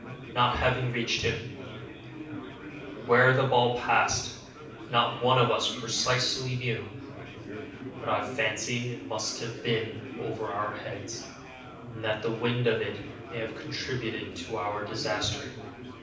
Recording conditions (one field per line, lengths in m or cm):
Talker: one person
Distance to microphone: 5.8 m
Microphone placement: far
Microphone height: 1.8 m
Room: medium-sized (5.7 m by 4.0 m)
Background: babble